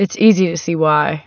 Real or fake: real